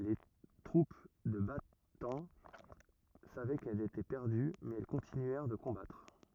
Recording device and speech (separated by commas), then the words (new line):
rigid in-ear microphone, read sentence
Les troupes de Bataan savaient qu'elles étaient perdues mais elles continuèrent de combattre.